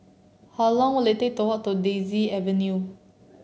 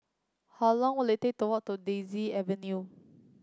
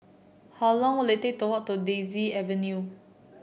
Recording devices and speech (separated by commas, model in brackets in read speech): mobile phone (Samsung C7), close-talking microphone (WH30), boundary microphone (BM630), read sentence